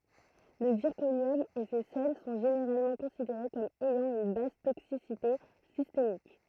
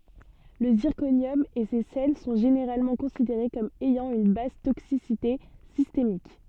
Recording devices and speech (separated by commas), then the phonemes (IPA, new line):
throat microphone, soft in-ear microphone, read sentence
lə ziʁkonjɔm e se sɛl sɔ̃ ʒeneʁalmɑ̃ kɔ̃sideʁe kɔm ɛjɑ̃ yn bas toksisite sistemik